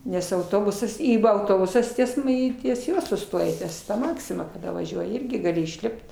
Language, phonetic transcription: Lithuanian, nes auˈtobusas ˈį ˈva auˈtobusas ˈ ties m ˈį ties ˈjuo suˈstoja ˈties ˈmaksima kaˈda vaˈžiuoji ˈirgi gaˈli išˈlipt

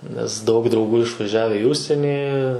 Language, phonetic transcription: Lithuanian, nes daug drauˈgų išvaˈžiave i ˈužsienį

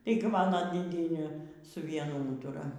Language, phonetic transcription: Lithuanian, ˈtaigi ˈmano dėˈdienė su ˈvienu ˈūtura

